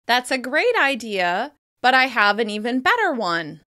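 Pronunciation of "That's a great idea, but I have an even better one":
'Great' and 'better' are emphasised, contrasting the two ideas.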